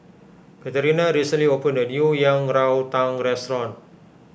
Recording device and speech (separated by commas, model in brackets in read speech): boundary microphone (BM630), read sentence